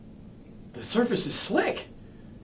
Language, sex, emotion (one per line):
English
male
fearful